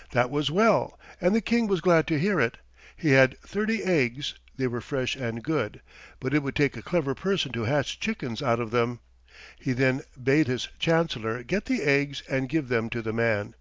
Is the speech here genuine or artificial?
genuine